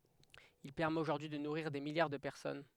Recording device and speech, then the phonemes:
headset microphone, read sentence
il pɛʁmɛt oʒuʁdyi də nuʁiʁ de miljaʁ də pɛʁsɔn

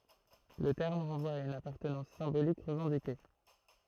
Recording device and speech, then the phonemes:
throat microphone, read sentence
lə tɛʁm ʁɑ̃vwa a yn apaʁtənɑ̃s sɛ̃bolik ʁəvɑ̃dike

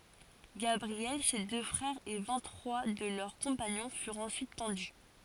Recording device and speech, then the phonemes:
forehead accelerometer, read sentence
ɡabʁiɛl se dø fʁɛʁz e vɛ̃t tʁwa də lœʁ kɔ̃paɲɔ̃ fyʁt ɑ̃syit pɑ̃dy

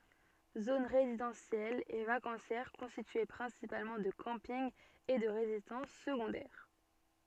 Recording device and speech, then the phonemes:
soft in-ear microphone, read sentence
zon ʁezidɑ̃sjɛl e vakɑ̃sjɛʁ kɔ̃stitye pʁɛ̃sipalmɑ̃ də kɑ̃pinɡ e də ʁezidɑ̃s səɡɔ̃dɛʁ

